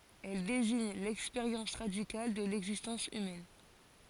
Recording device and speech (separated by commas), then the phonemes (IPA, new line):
forehead accelerometer, read sentence
ɛl deziɲ lɛkspeʁjɑ̃s ʁadikal də lɛɡzistɑ̃s ymɛn